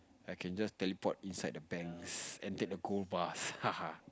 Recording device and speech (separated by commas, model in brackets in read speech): close-talking microphone, conversation in the same room